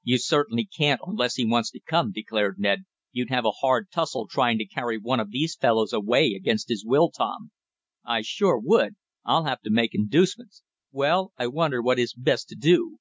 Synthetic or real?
real